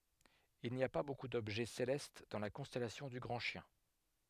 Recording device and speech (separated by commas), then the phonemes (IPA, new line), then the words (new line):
headset microphone, read sentence
il ni a pa boku dɔbʒɛ selɛst dɑ̃ la kɔ̃stɛlasjɔ̃ dy ɡʁɑ̃ ʃjɛ̃
Il n'y a pas beaucoup d'objets célestes dans la constellation du Grand Chien.